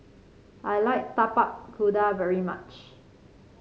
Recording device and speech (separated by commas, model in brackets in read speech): mobile phone (Samsung C5), read sentence